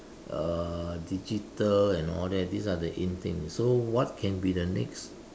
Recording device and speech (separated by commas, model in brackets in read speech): standing microphone, conversation in separate rooms